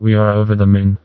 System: TTS, vocoder